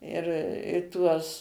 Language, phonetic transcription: Lithuanian, ir i ˈtuos

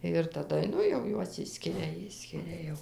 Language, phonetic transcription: Lithuanian, ir taˈda ˈnu jau ˈjuos ˈišskiria ˈišskiria jau

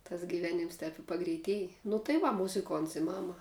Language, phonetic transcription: Lithuanian, tas giˈvėnims tēp i pagreiˈtiej nu tai ˈva muziˈkonts i ˈmama

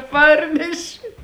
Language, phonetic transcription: Lithuanian, ˈparneši

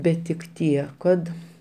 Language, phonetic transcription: Lithuanian, ˈbet tik ˈtie kad

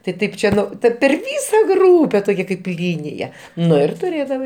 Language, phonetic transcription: Lithuanian, tai ˈtaip ˈčia ˈta per ˈvysa ˈgrūpe toˈkia kaip ˈlynija ˈnu ir tuˈrėdavai

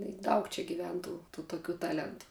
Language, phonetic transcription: Lithuanian, i ˈdaug čia giˈven ˈtų tų toˈkių ˈtalentu

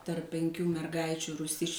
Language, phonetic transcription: Lithuanian, tarp penˈkių merˈgaičių rūˈsisčių

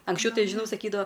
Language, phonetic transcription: Lithuanian, anksˈčiau ˈtai žiˈnau saˈkydavo

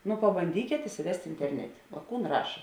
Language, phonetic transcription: Lithuanian, nu pabanˈdykėt isiˈvest' interˈnetė o ˈkūn ˈraša

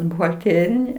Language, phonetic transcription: Lithuanian, buhalˈtėrini

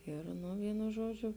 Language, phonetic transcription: Lithuanian, ˈir nu ˈvynu ˈžuodžiu

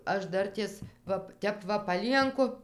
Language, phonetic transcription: Lithuanian, ˈaš ˈdartės ˈva ˈtep va paˈlienku

